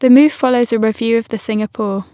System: none